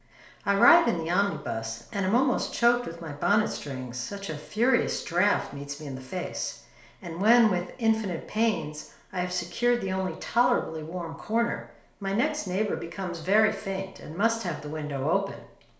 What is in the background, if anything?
Nothing.